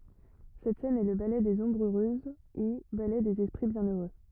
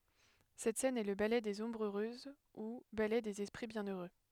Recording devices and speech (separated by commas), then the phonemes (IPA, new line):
rigid in-ear microphone, headset microphone, read sentence
sɛt sɛn ɛ lə balɛ dez ɔ̃bʁz øʁøz u balɛ dez ɛspʁi bjɛ̃øʁø